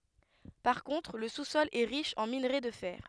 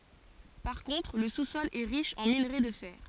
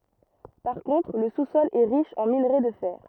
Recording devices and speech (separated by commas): headset microphone, forehead accelerometer, rigid in-ear microphone, read sentence